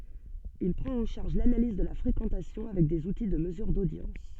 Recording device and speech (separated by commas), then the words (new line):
soft in-ear microphone, read sentence
Il prend en charge l'analyse de la fréquentation avec des outils de mesure d'audience.